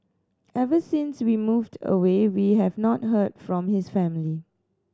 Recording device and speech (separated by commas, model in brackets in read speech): standing microphone (AKG C214), read sentence